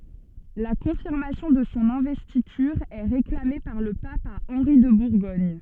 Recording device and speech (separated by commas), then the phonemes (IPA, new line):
soft in-ear microphone, read sentence
la kɔ̃fiʁmasjɔ̃ də sɔ̃ ɛ̃vɛstityʁ ɛ ʁeklame paʁ lə pap a ɑ̃ʁi də buʁɡɔɲ